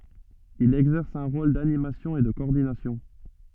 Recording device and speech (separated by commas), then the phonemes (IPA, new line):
soft in-ear microphone, read sentence
il ɛɡzɛʁs œ̃ ʁol danimasjɔ̃ e də kɔɔʁdinasjɔ̃